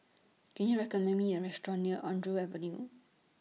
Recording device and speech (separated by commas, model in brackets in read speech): mobile phone (iPhone 6), read sentence